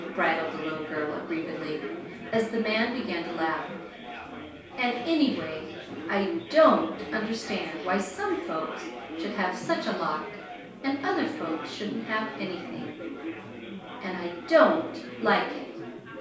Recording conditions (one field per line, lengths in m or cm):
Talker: one person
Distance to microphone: 3.0 m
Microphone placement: far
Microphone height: 1.8 m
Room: small (3.7 m by 2.7 m)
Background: babble